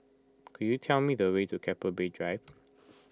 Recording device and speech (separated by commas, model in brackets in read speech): close-talking microphone (WH20), read sentence